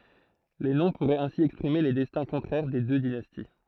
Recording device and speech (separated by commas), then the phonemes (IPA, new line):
throat microphone, read sentence
le nɔ̃ puʁɛt ɛ̃si ɛkspʁime le dɛstɛ̃ kɔ̃tʁɛʁ de dø dinasti